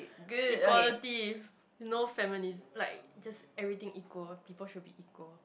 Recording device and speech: boundary microphone, conversation in the same room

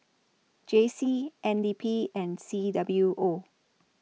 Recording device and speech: mobile phone (iPhone 6), read sentence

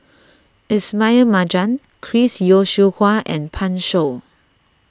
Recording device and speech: standing microphone (AKG C214), read sentence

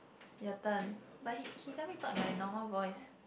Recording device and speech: boundary microphone, conversation in the same room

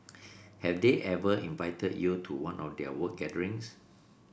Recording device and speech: boundary microphone (BM630), read sentence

